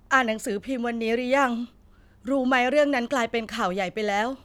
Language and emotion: Thai, sad